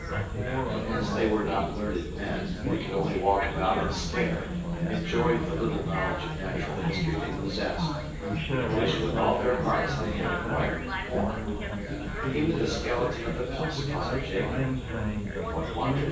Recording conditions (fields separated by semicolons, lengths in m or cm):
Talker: one person; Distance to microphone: 9.8 m; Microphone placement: far; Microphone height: 1.8 m; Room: large; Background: babble